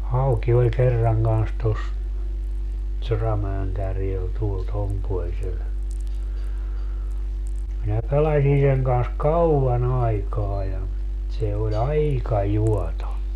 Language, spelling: Finnish, hauki oli kerran kanssa tuossa Soramäen kärjellä tuolla tuon puoleisella minä pelasin sen kanssa kauan aikaa ja se oli aika juoto
- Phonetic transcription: 'hauki oĺ 'kerraŋ kans tos , 'Soramäeŋ 'kärjel tuol 'tom puolsel , minä 'pelaśi seŋ kans "kaua'n ‿aikaa ja , se o"ĺ ‿aika 'juɔto .

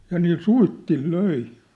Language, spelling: Finnish, ja niillä suitsilla löi
- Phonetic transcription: ja niil 'suittil 'löi .

